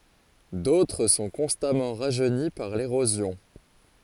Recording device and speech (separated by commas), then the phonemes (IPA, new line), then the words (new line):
forehead accelerometer, read sentence
dotʁ sɔ̃ kɔ̃stamɑ̃ ʁaʒøni paʁ leʁozjɔ̃
D'autres sont constamment rajeunis par l'érosion.